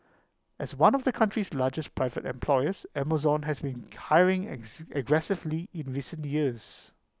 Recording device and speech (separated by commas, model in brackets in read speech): close-talking microphone (WH20), read sentence